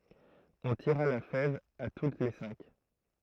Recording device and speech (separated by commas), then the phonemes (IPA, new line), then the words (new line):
throat microphone, read sentence
ɔ̃ tiʁa la fɛv a tut le sɛ̃k
On tira la fève à toutes les cinq.